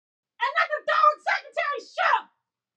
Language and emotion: English, angry